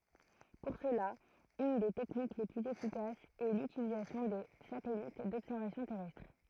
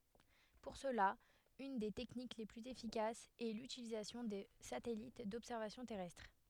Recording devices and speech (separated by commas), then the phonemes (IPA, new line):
throat microphone, headset microphone, read sentence
puʁ səla yn de tɛknik le plyz efikasz ɛ lytilizasjɔ̃ də satɛlit dɔbsɛʁvasjɔ̃ tɛʁɛstʁ